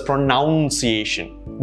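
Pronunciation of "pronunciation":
'Pronunciation' is pronounced incorrectly here: it is said with an ow sound, which the word should not have.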